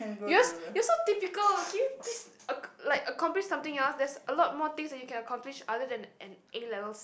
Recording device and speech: boundary microphone, conversation in the same room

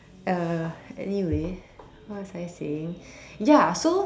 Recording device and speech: standing microphone, conversation in separate rooms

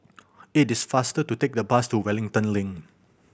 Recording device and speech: boundary microphone (BM630), read sentence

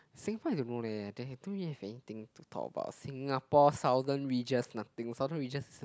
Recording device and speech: close-talking microphone, conversation in the same room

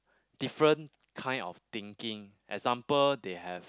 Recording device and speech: close-talking microphone, conversation in the same room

